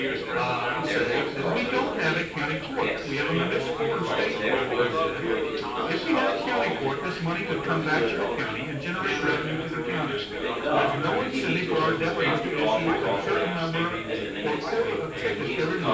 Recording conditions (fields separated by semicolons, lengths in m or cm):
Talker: one person; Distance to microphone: 9.8 m; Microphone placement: far; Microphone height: 1.8 m; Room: large; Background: babble